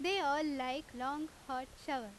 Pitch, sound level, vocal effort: 275 Hz, 92 dB SPL, very loud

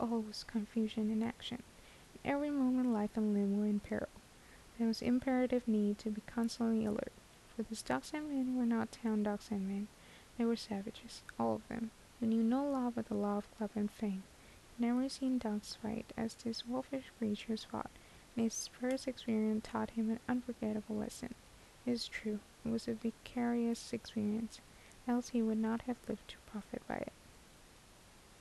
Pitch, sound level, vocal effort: 230 Hz, 74 dB SPL, soft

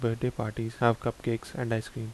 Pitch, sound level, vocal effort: 115 Hz, 76 dB SPL, soft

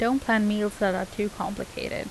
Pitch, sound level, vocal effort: 210 Hz, 81 dB SPL, normal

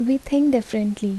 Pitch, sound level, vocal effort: 245 Hz, 76 dB SPL, soft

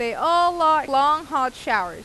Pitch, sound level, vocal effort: 305 Hz, 97 dB SPL, loud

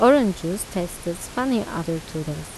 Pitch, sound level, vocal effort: 175 Hz, 83 dB SPL, normal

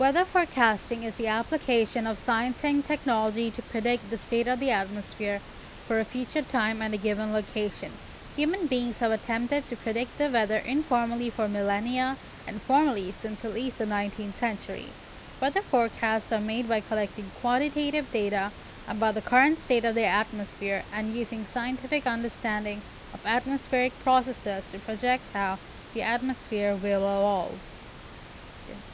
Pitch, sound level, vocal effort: 230 Hz, 87 dB SPL, loud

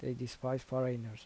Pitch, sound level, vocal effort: 125 Hz, 78 dB SPL, soft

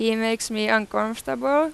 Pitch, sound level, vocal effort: 225 Hz, 90 dB SPL, loud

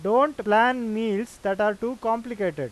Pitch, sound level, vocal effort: 225 Hz, 96 dB SPL, loud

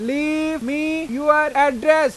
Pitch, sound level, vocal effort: 300 Hz, 99 dB SPL, very loud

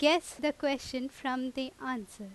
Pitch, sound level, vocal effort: 260 Hz, 88 dB SPL, very loud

